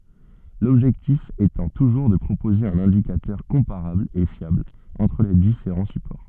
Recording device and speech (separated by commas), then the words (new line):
soft in-ear microphone, read sentence
L'objectif étant toujours de proposer un indicateur comparable et fiable entre les différents supports.